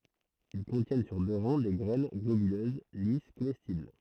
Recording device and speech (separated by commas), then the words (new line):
throat microphone, read sentence
Ils contiennent sur deux rangs des graines globuleuses, lisses, comestibles.